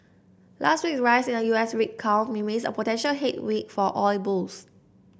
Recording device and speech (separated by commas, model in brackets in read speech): boundary microphone (BM630), read sentence